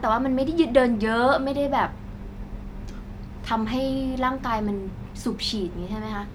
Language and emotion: Thai, neutral